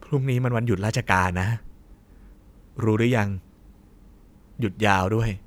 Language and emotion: Thai, neutral